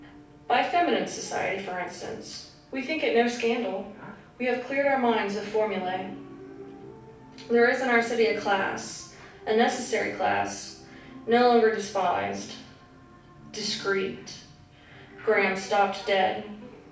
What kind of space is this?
A mid-sized room (about 5.7 m by 4.0 m).